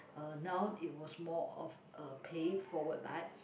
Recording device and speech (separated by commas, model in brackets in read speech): boundary microphone, conversation in the same room